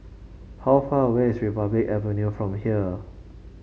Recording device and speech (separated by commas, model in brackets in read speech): mobile phone (Samsung C5), read sentence